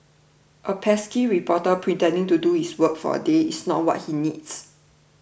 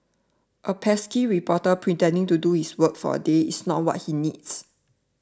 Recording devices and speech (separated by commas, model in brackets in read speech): boundary microphone (BM630), standing microphone (AKG C214), read sentence